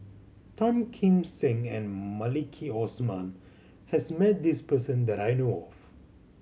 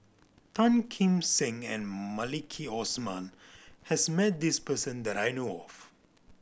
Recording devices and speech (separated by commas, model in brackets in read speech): mobile phone (Samsung C7100), boundary microphone (BM630), read sentence